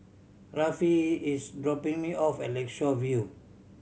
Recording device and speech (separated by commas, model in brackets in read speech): mobile phone (Samsung C7100), read sentence